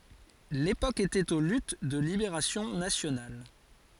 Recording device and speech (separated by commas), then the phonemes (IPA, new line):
forehead accelerometer, read sentence
lepok etɛt o lyt də libeʁasjɔ̃ nasjonal